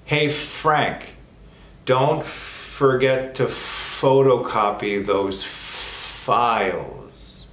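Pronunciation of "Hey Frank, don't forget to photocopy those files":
The sentence "Hey Frank, don't forget to photocopy those files" is said slowly, not at normal speed.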